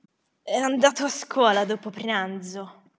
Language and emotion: Italian, disgusted